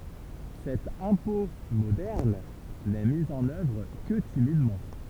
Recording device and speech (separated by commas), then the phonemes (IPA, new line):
temple vibration pickup, read sentence
sɛt ɛ̃pɔ̃ modɛʁn nɛ mi ɑ̃n œvʁ kə timidmɑ̃